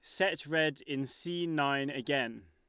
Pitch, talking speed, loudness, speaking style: 145 Hz, 155 wpm, -33 LUFS, Lombard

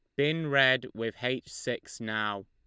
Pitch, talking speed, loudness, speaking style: 120 Hz, 160 wpm, -29 LUFS, Lombard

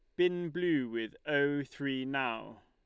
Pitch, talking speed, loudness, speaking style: 145 Hz, 145 wpm, -33 LUFS, Lombard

